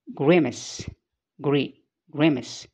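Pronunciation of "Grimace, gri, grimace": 'Grimace' has its main stress on the first syllable, 'gri', which is the typically British pronunciation.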